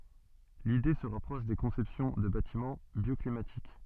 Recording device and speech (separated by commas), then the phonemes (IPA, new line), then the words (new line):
soft in-ear microphone, read sentence
lide sə ʁapʁɔʃ de kɔ̃sɛpsjɔ̃ də batimɑ̃ bjɔklimatik
L'idée se rapproche des conceptions de bâtiments bioclimatiques.